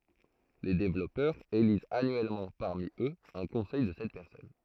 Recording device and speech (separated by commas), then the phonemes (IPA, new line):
throat microphone, read sentence
le devlɔpœʁz elizt anyɛlmɑ̃ paʁmi øz œ̃ kɔ̃sɛj də sɛt pɛʁsɔn